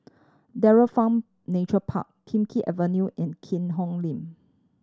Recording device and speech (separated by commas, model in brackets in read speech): standing microphone (AKG C214), read sentence